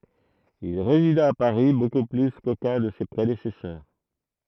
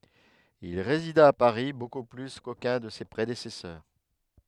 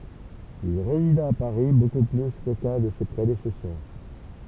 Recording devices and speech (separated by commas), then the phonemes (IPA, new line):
throat microphone, headset microphone, temple vibration pickup, read sentence
il ʁezida a paʁi boku ply kokœ̃ də se pʁedesɛsœʁ